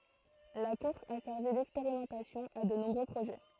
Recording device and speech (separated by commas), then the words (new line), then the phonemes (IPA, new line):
throat microphone, read sentence
La course a servi d'expérimentation à de nombreux projets.
la kuʁs a sɛʁvi dɛkspeʁimɑ̃tasjɔ̃ a də nɔ̃bʁø pʁoʒɛ